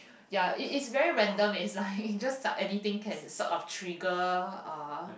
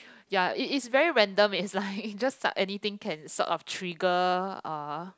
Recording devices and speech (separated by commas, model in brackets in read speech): boundary microphone, close-talking microphone, conversation in the same room